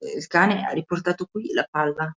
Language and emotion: Italian, fearful